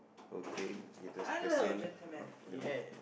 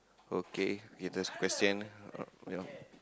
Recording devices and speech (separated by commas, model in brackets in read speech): boundary microphone, close-talking microphone, conversation in the same room